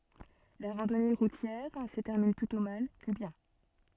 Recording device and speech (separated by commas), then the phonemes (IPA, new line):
soft in-ear microphone, read sentence
la ʁɑ̃dɔne ʁutjɛʁ sə tɛʁmin plytɔ̃ mal kə bjɛ̃